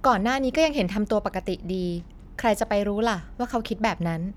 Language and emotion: Thai, neutral